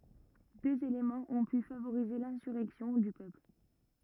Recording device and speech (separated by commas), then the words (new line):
rigid in-ear microphone, read sentence
Deux éléments ont pu favoriser l'insurrection du peuple.